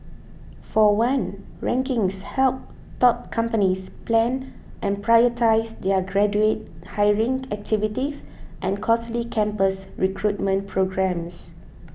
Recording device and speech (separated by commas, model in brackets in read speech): boundary microphone (BM630), read sentence